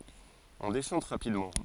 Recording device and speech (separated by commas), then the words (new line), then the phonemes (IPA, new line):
forehead accelerometer, read sentence
On déchante rapidement.
ɔ̃ deʃɑ̃t ʁapidmɑ̃